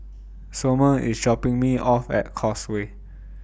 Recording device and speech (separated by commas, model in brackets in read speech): boundary microphone (BM630), read sentence